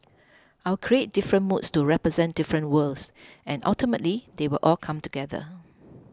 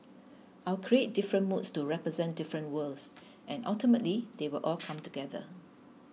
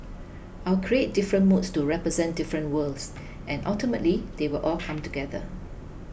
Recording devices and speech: close-talking microphone (WH20), mobile phone (iPhone 6), boundary microphone (BM630), read sentence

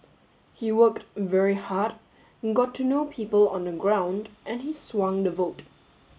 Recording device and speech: mobile phone (Samsung S8), read sentence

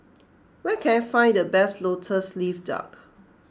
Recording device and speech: close-talking microphone (WH20), read sentence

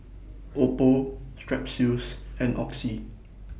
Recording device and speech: boundary microphone (BM630), read sentence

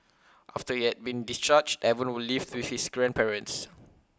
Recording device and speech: close-talking microphone (WH20), read sentence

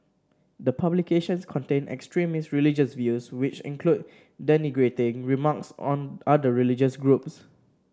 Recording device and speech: standing microphone (AKG C214), read sentence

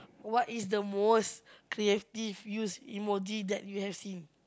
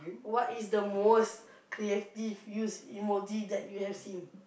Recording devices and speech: close-talking microphone, boundary microphone, conversation in the same room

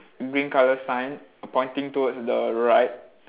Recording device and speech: telephone, conversation in separate rooms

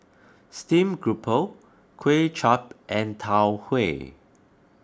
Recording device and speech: close-talking microphone (WH20), read sentence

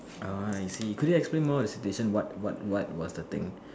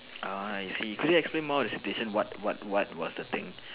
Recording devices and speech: standing microphone, telephone, conversation in separate rooms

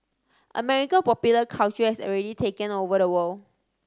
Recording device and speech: standing microphone (AKG C214), read sentence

